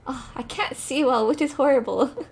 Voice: in a deep voice